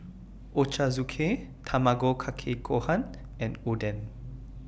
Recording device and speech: boundary microphone (BM630), read sentence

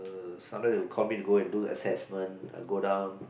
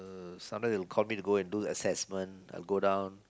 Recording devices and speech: boundary microphone, close-talking microphone, conversation in the same room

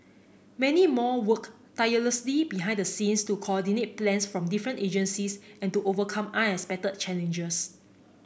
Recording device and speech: boundary microphone (BM630), read sentence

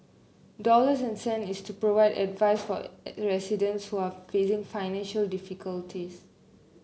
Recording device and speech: mobile phone (Samsung C9), read sentence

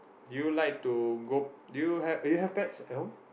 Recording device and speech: boundary microphone, conversation in the same room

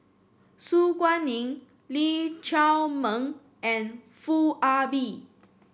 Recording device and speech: boundary microphone (BM630), read sentence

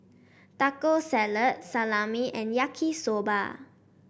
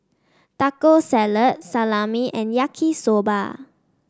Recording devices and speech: boundary microphone (BM630), standing microphone (AKG C214), read sentence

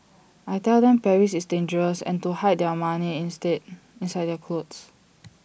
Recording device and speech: boundary microphone (BM630), read sentence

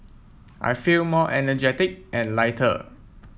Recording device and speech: mobile phone (iPhone 7), read sentence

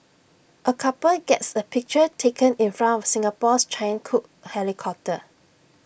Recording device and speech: boundary microphone (BM630), read sentence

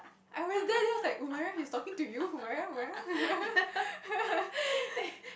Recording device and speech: boundary microphone, conversation in the same room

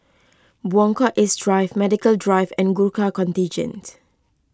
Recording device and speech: close-talking microphone (WH20), read sentence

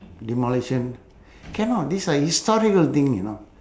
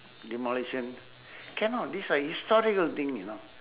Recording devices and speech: standing microphone, telephone, conversation in separate rooms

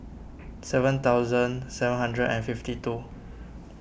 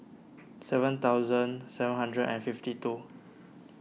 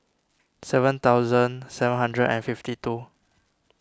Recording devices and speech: boundary microphone (BM630), mobile phone (iPhone 6), standing microphone (AKG C214), read sentence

